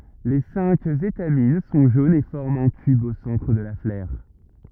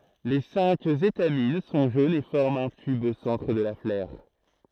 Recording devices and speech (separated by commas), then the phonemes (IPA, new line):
rigid in-ear microphone, throat microphone, read sentence
le sɛ̃k etamin sɔ̃ ʒonz e fɔʁmt œ̃ tyb o sɑ̃tʁ də la flœʁ